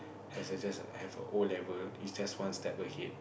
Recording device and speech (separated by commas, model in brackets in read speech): boundary microphone, conversation in the same room